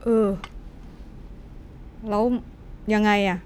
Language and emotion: Thai, frustrated